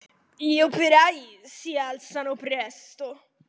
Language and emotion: Italian, disgusted